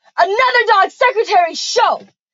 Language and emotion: English, disgusted